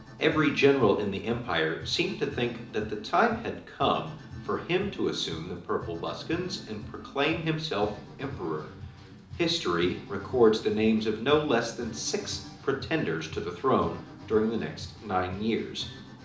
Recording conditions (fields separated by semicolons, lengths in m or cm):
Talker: one person; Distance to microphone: 2.0 m; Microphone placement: close; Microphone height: 99 cm; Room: medium-sized (5.7 m by 4.0 m); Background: music